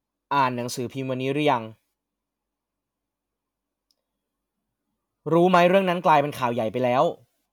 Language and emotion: Thai, frustrated